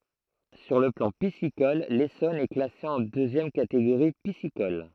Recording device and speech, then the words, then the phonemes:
throat microphone, read sentence
Sur le plan piscicole, l'Essonne est classé en deuxième catégorie piscicole.
syʁ lə plɑ̃ pisikɔl lesɔn ɛ klase ɑ̃ døzjɛm kateɡoʁi pisikɔl

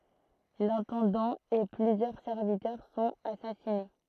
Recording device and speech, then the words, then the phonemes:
throat microphone, read sentence
L'intendant et plusieurs serviteurs sont assassinés.
lɛ̃tɑ̃dɑ̃ e plyzjœʁ sɛʁvitœʁ sɔ̃t asasine

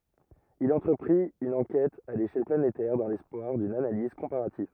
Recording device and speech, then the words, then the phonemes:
rigid in-ear microphone, read sentence
Il entreprit une enquête à l'échelle planétaire dans l'espoir d'une analyse comparative.
il ɑ̃tʁəpʁit yn ɑ̃kɛt a leʃɛl planetɛʁ dɑ̃ lɛspwaʁ dyn analiz kɔ̃paʁativ

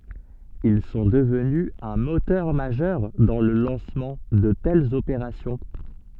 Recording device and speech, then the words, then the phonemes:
soft in-ear microphone, read sentence
Ils sont devenus un moteur majeur dans le lancement de telles opérations.
il sɔ̃ dəvny œ̃ motœʁ maʒœʁ dɑ̃ lə lɑ̃smɑ̃ də tɛlz opeʁasjɔ̃

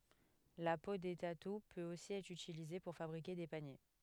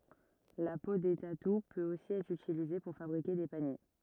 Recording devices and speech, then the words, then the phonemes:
headset microphone, rigid in-ear microphone, read sentence
La peau des tatous peut aussi être utilisée pour fabriquer des paniers.
la po de tatu pøt osi ɛtʁ ytilize puʁ fabʁike de panje

